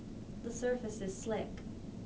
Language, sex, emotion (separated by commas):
English, female, neutral